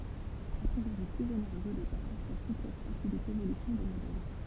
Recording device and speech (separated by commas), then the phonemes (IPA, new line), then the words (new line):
temple vibration pickup, read sentence
a pʁioʁi plyz oneʁøz o depaʁ sa suplɛs fasilit levolysjɔ̃ de modɛl
A priori plus onéreuse au départ, sa souplesse facilite l'évolution des modèles.